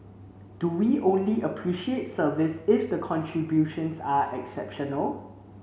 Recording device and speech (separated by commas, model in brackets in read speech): mobile phone (Samsung C7), read sentence